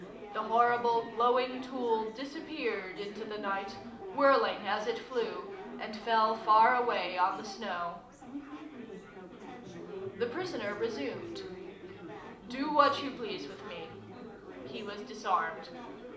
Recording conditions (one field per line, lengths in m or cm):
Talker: one person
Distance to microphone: 2.0 m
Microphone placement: close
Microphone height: 99 cm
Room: medium-sized (5.7 m by 4.0 m)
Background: babble